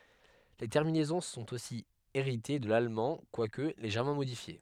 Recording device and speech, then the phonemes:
headset microphone, read sentence
le tɛʁminɛzɔ̃ sɔ̃t osi eʁite də lalmɑ̃ kwak leʒɛʁmɑ̃ modifje

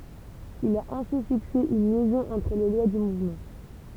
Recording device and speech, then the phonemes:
temple vibration pickup, read sentence
il a ɛ̃si fikse yn ljɛzɔ̃ ɑ̃tʁ le lwa dy muvmɑ̃

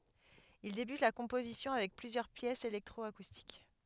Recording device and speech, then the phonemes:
headset microphone, read sentence
il debyt la kɔ̃pozisjɔ̃ avɛk plyzjœʁ pjɛsz elɛktʁɔakustik

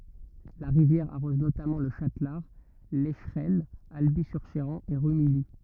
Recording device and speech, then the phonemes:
rigid in-ear microphone, read sentence
la ʁivjɛʁ aʁɔz notamɑ̃ lə ʃatlaʁ lɛʃʁɛnə albi syʁ ʃeʁɑ̃ e ʁymiji

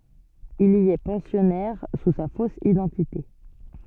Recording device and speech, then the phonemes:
soft in-ear microphone, read sentence
il i ɛ pɑ̃sjɔnɛʁ su sa fos idɑ̃tite

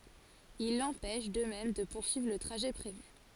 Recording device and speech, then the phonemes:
forehead accelerometer, read sentence
il lɑ̃pɛʃ də mɛm də puʁsyivʁ lə tʁaʒɛ pʁevy

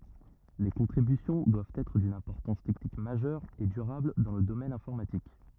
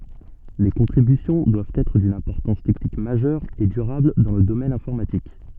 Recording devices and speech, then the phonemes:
rigid in-ear microphone, soft in-ear microphone, read sentence
le kɔ̃tʁibysjɔ̃ dwavt ɛtʁ dyn ɛ̃pɔʁtɑ̃s tɛknik maʒœʁ e dyʁabl dɑ̃ lə domɛn ɛ̃fɔʁmatik

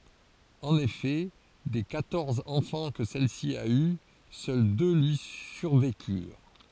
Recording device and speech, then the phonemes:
forehead accelerometer, read sentence
ɑ̃n efɛ de kwatɔʁz ɑ̃fɑ̃ kə sɛlsi a y sœl dø lyi syʁvekyʁ

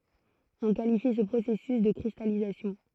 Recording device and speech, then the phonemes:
throat microphone, read sentence
ɔ̃ kalifi sə pʁosɛsys də kʁistalizasjɔ̃

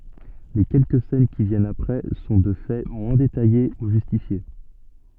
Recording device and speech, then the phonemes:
soft in-ear microphone, read sentence
le kɛlkə sɛn ki vjɛnt apʁɛ sɔ̃ də fɛ mwɛ̃ detaje u ʒystifje

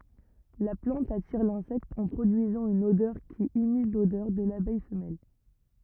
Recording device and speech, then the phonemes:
rigid in-ear microphone, read sentence
la plɑ̃t atiʁ lɛ̃sɛkt ɑ̃ pʁodyizɑ̃ yn odœʁ ki imit lodœʁ də labɛj fəmɛl

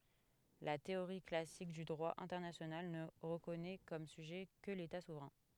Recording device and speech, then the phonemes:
headset microphone, read sentence
la teoʁi klasik dy dʁwa ɛ̃tɛʁnasjonal nə ʁəkɔnɛ kɔm syʒɛ kə leta suvʁɛ̃

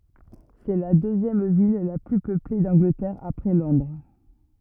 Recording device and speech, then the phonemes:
rigid in-ear microphone, read sentence
sɛ la døzjɛm vil la ply pøple dɑ̃ɡlətɛʁ apʁɛ lɔ̃dʁ

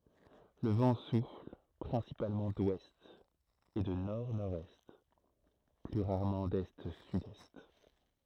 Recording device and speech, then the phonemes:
throat microphone, read sentence
lə vɑ̃ sufl pʁɛ̃sipalmɑ̃ dwɛst e də nɔʁdnɔʁdɛst ply ʁaʁmɑ̃ dɛstsydɛst

